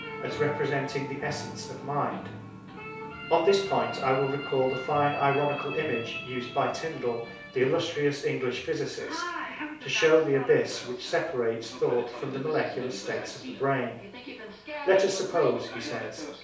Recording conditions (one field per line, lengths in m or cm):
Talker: one person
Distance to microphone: 3.0 m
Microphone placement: far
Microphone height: 1.8 m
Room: small (3.7 m by 2.7 m)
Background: television